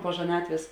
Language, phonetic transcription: Lithuanian, po žaˈnatvės

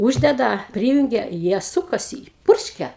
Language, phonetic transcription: Lithuanian, ˈūždeda ˈpryjunge ˈjie ˈsukasi ˈpurškia

